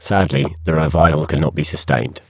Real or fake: fake